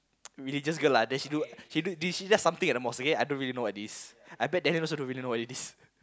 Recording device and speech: close-talking microphone, conversation in the same room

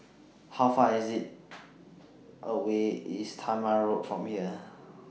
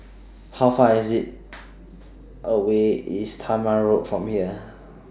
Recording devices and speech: mobile phone (iPhone 6), standing microphone (AKG C214), read sentence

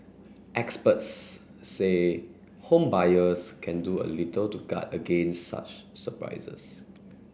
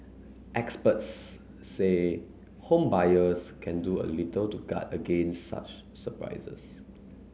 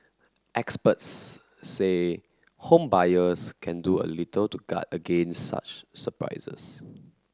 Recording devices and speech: boundary microphone (BM630), mobile phone (Samsung C9), close-talking microphone (WH30), read sentence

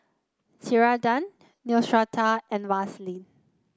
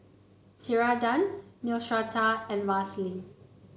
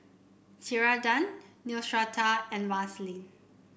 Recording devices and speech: close-talking microphone (WH30), mobile phone (Samsung C9), boundary microphone (BM630), read sentence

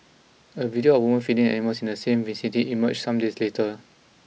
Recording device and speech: mobile phone (iPhone 6), read sentence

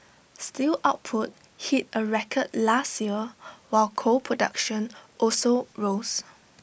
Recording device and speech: boundary microphone (BM630), read sentence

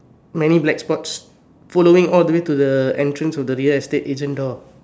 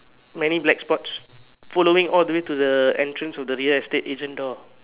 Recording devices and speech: standing microphone, telephone, conversation in separate rooms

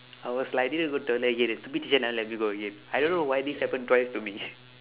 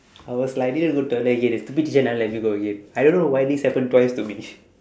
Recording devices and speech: telephone, standing microphone, conversation in separate rooms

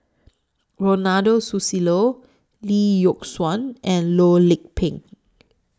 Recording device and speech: standing microphone (AKG C214), read sentence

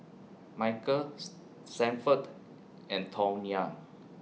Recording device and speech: mobile phone (iPhone 6), read sentence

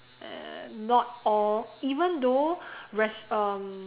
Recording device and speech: telephone, conversation in separate rooms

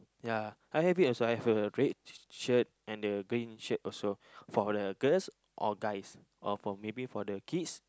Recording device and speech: close-talking microphone, conversation in the same room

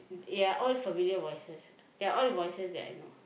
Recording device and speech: boundary microphone, conversation in the same room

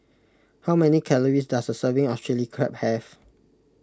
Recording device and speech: close-talking microphone (WH20), read sentence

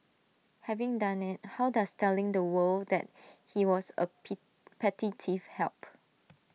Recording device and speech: mobile phone (iPhone 6), read sentence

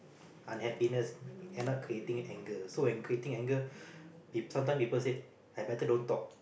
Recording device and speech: boundary microphone, conversation in the same room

